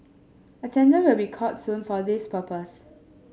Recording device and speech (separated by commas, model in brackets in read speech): mobile phone (Samsung S8), read sentence